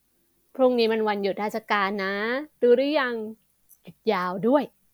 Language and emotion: Thai, happy